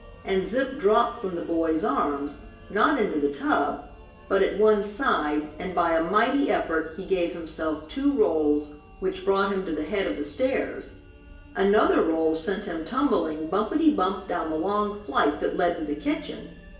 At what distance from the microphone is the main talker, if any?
1.8 m.